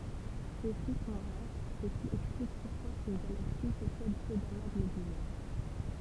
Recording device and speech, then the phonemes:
temple vibration pickup, read sentence
sø si sɔ̃ ʁaʁ sə ki ɛksplik puʁkwa yn ɡalaksi pɔsɛd pø dama ɡlobylɛʁ

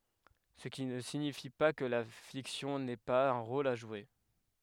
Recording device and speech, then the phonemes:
headset microphone, read sentence
sə ki nə siɲifi pa kə la fiksjɔ̃ nɛ paz œ̃ ʁol a ʒwe

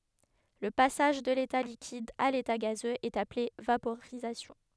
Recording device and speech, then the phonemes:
headset microphone, read sentence
lə pasaʒ də leta likid a leta ɡazøz ɛt aple vapoʁizasjɔ̃

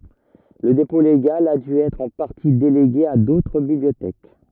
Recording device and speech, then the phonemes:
rigid in-ear microphone, read sentence
lə depɔ̃ leɡal a dy ɛtʁ ɑ̃ paʁti deleɡe a dotʁ bibliotɛk

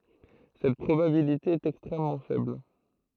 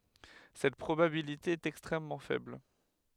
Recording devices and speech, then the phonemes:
throat microphone, headset microphone, read sentence
sɛt pʁobabilite ɛt ɛkstʁɛmmɑ̃ fɛbl

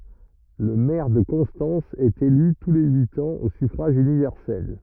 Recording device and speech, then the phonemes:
rigid in-ear microphone, read sentence
lə mɛʁ də kɔ̃stɑ̃s ɛt ely tu le yit ɑ̃z o syfʁaʒ ynivɛʁsɛl

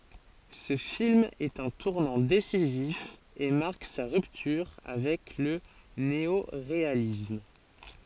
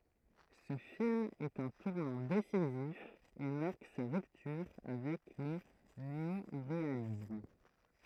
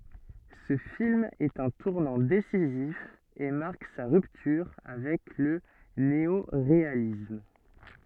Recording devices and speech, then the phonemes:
forehead accelerometer, throat microphone, soft in-ear microphone, read sentence
sə film ɛt œ̃ tuʁnɑ̃ desizif e maʁk sa ʁyptyʁ avɛk lə neoʁealism

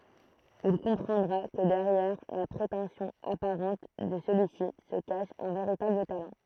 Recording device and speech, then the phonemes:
throat microphone, read sentence
il kɔ̃pʁɑ̃dʁa kə dɛʁjɛʁ la pʁetɑ̃sjɔ̃ apaʁɑ̃t də səlyi si sə kaʃ œ̃ veʁitabl talɑ̃

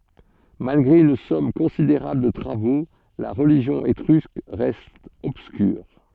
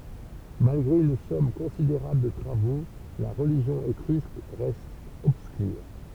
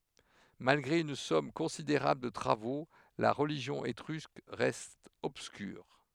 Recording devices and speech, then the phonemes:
soft in-ear microphone, temple vibration pickup, headset microphone, read sentence
malɡʁe yn sɔm kɔ̃sideʁabl də tʁavo la ʁəliʒjɔ̃ etʁysk ʁɛst ɔbskyʁ

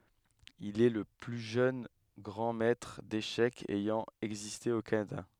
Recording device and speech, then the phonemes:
headset microphone, read sentence
il ɛ lə ply ʒøn ɡʁɑ̃ mɛtʁ deʃɛkz ɛjɑ̃ ɛɡziste o kanada

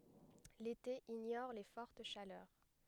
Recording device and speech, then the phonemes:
headset microphone, read sentence
lete iɲɔʁ le fɔʁt ʃalœʁ

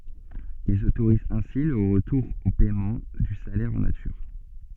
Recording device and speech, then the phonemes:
soft in-ear microphone, read sentence
ilz otoʁizt ɛ̃si lə ʁətuʁ o pɛmɑ̃ dy salɛʁ ɑ̃ natyʁ

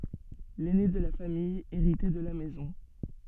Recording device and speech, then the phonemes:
soft in-ear microphone, read sentence
lɛne də la famij eʁitɛ də la mɛzɔ̃

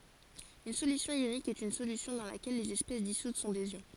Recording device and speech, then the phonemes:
forehead accelerometer, read sentence
yn solysjɔ̃ jonik ɛt yn solysjɔ̃ dɑ̃ lakɛl lez ɛspɛs disut sɔ̃ dez jɔ̃

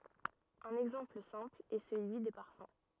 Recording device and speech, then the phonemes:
rigid in-ear microphone, read sentence
œ̃n ɛɡzɑ̃pl sɛ̃pl ɛ səlyi de paʁfœ̃

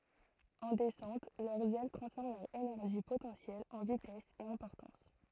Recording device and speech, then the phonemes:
throat microphone, read sentence
ɑ̃ dɛsɑ̃t lœʁz ɛl tʁɑ̃sfɔʁm lœʁ enɛʁʒi potɑ̃sjɛl ɑ̃ vitɛs e ɑ̃ pɔʁtɑ̃s

